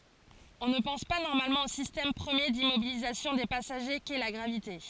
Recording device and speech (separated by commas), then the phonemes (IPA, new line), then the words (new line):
forehead accelerometer, read sentence
ɔ̃ nə pɑ̃s pa nɔʁmalmɑ̃ o sistɛm pʁəmje dimmobilizasjɔ̃ de pasaʒe kɛ la ɡʁavite
On ne pense pas normalement au système premier d'immobilisation des passagers qu'est la gravité.